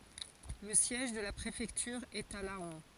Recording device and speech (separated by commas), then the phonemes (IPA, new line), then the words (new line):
forehead accelerometer, read sentence
lə sjɛʒ də la pʁefɛktyʁ ɛt a lɑ̃
Le siège de la préfecture est à Laon.